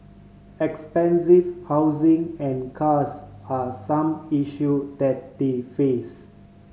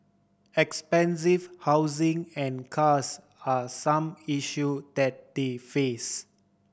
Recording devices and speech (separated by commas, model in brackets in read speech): mobile phone (Samsung C5010), boundary microphone (BM630), read sentence